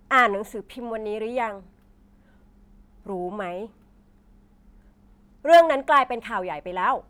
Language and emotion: Thai, frustrated